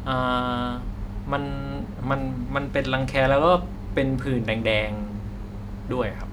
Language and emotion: Thai, neutral